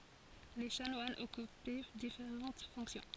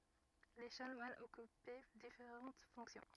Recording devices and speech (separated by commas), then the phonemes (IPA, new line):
forehead accelerometer, rigid in-ear microphone, read sentence
le ʃanwanz ɔkypɛ difeʁɑ̃t fɔ̃ksjɔ̃